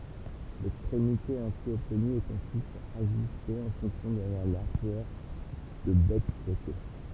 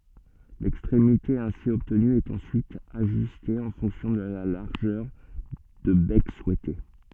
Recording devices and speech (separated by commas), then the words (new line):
temple vibration pickup, soft in-ear microphone, read sentence
L'extrémité ainsi obtenue est ensuite ajustée en fonction de la largeur de bec souhaitée.